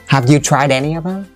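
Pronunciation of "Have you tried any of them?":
'Tried any' is linked, so the d of 'tried' runs into 'any' and it sounds like 'try Danny'.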